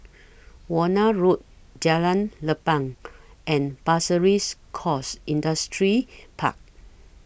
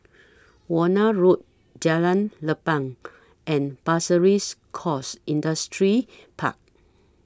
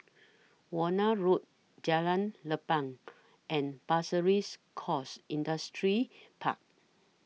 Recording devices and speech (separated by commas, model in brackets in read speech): boundary microphone (BM630), standing microphone (AKG C214), mobile phone (iPhone 6), read sentence